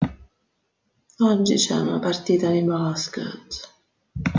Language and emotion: Italian, disgusted